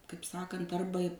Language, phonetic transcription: Lithuanian, kaip ˈsakant ˈarba

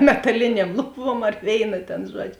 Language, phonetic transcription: Lithuanian, metaˈlinėm ˈluˌbuom ar ˈvėina ˈtėn ˈžuodžio

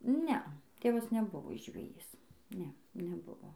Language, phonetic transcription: Lithuanian, ˈnea ˈtėvas neˈbuvo žveˈjys ˈne neˈbuvo

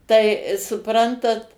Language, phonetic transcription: Lithuanian, ˈtai suˈprantat

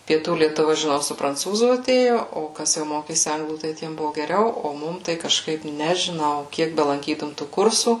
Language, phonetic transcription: Lithuanian, pieˈtų lietuˈva žiˈnau su pranˈcūzų aˈtėjo o ˈkas jau ˈmokėsi ˈanglų tai ˈtiem ˈbuvo geˈriau ˈo ˈmum tai kažˈkaip nežiˈnau ˈkiek belanˈkytum tų ˈkursų

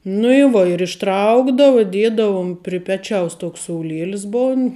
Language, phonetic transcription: Lithuanian, nu i ˈvo ir išˈtraukdavu i ˈdiedavum pri ˈpečiaus ˈtoks souˈlielis ˈbon

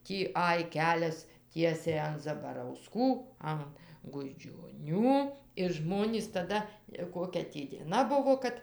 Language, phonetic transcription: Lithuanian, ˈtį ˈaj ˈkelias ˈtiesiai an zabarauˈskų an gudžioˈnių ir ˈžmonys taˈda i ˈkokia tį dieˈna ˈbuvo ˈkad

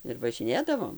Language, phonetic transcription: Lithuanian, ir važiˈnėdavom

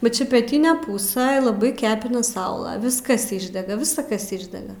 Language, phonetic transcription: Lithuanian, bet ˈčia peˈtine ˈpūsɘ laˈbai ˈkepina ˈsaula ˈviskas ˈišdega ˈvisa ˈkas ˈišdega

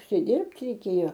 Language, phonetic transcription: Lithuanian, užsiˈdirbt reiˈkėjo

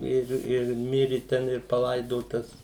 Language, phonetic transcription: Lithuanian, ˈir ir ˈmiri ˈten ir paˈlaidotas

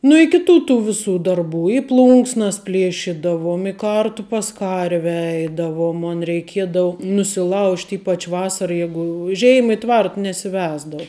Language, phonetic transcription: Lithuanian, nu i kiˈtų tų viˈsų darˈbų i ˈplunksnas ˈplėšidavom i ˈkartu pas ˈkarve ˈeidavom ˈmon reiˈkiedavu nusiˈlaužt' ˈypač ˈvasara ˈjegu u ˈžeima i ˈtvart nesiˈvesdav

